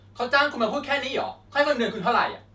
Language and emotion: Thai, angry